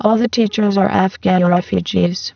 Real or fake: fake